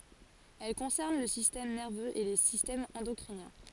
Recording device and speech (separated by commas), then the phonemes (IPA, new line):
forehead accelerometer, read sentence
ɛl kɔ̃sɛʁn lə sistɛm nɛʁvøz e le sistɛmz ɑ̃dɔkʁinjɛ̃